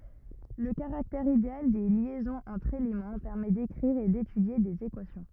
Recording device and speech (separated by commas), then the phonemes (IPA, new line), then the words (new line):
rigid in-ear microphone, read sentence
lə kaʁaktɛʁ ideal de ljɛzɔ̃z ɑ̃tʁ elemɑ̃ pɛʁmɛ dekʁiʁ e detydje dez ekwasjɔ̃
Le caractère idéal des liaisons entre éléments permet d'écrire et d'étudier des équations.